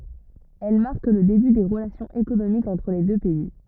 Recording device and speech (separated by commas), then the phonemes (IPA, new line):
rigid in-ear microphone, read sentence
ɛl maʁk lə deby de ʁəlasjɔ̃z ekonomikz ɑ̃tʁ le dø pɛi